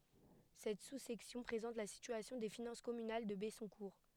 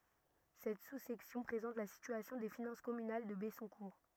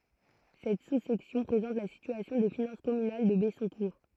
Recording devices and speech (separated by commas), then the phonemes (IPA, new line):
headset microphone, rigid in-ear microphone, throat microphone, read sentence
sɛt susɛksjɔ̃ pʁezɑ̃t la sityasjɔ̃ de finɑ̃s kɔmynal də bɛsɔ̃kuʁ